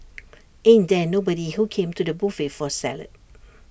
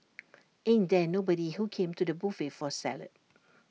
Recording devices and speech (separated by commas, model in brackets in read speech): boundary microphone (BM630), mobile phone (iPhone 6), read sentence